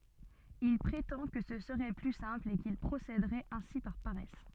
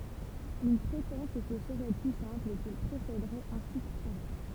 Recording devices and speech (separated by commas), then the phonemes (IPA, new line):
soft in-ear microphone, temple vibration pickup, read sentence
il pʁetɑ̃ kə sə səʁɛ ply sɛ̃pl e kil pʁosedəʁɛt ɛ̃si paʁ paʁɛs